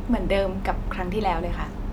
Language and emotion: Thai, neutral